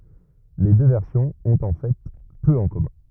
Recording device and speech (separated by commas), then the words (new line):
rigid in-ear microphone, read sentence
Les deux versions ont en fait peu en commun.